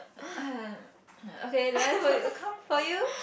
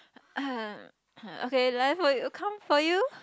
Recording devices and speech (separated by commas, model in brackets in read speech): boundary microphone, close-talking microphone, conversation in the same room